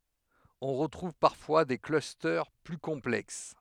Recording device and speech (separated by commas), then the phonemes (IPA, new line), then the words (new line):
headset microphone, read sentence
ɔ̃ ʁətʁuv paʁfwa de klyste ply kɔ̃plɛks
On retrouve parfois des clusters plus complexes.